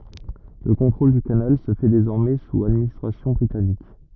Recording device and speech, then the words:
rigid in-ear microphone, read sentence
Le contrôle du canal se fait désormais sous administration britannique.

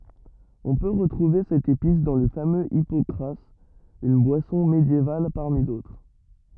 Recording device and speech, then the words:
rigid in-ear microphone, read sentence
On peut retrouver cette épice dans le fameux hypocras, une boisson médiévale parmi d'autres.

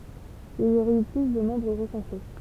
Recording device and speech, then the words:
temple vibration pickup, read sentence
Il y aurait eu plus de membres recensés.

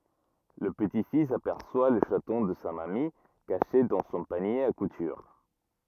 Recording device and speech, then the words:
rigid in-ear microphone, read sentence
Le petit-fils aperçoit le chaton de sa mamie, caché dans son panier à couture.

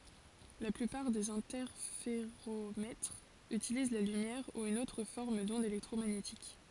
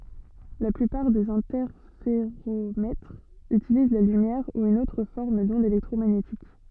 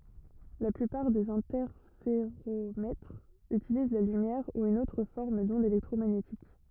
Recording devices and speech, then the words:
forehead accelerometer, soft in-ear microphone, rigid in-ear microphone, read sentence
La plupart des interféromètres utilisent la lumière ou une autre forme d'onde électromagnétique.

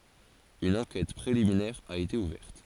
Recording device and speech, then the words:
forehead accelerometer, read sentence
Une enquête préliminaire a été ouverte.

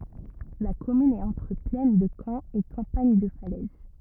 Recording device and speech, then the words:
rigid in-ear microphone, read sentence
La commune est entre plaine de Caen et campagne de Falaise.

